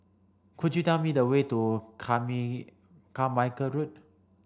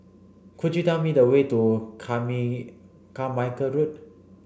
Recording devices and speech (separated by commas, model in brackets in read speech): standing microphone (AKG C214), boundary microphone (BM630), read sentence